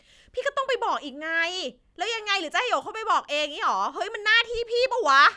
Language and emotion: Thai, angry